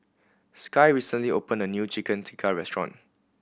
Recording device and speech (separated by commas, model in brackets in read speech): boundary microphone (BM630), read sentence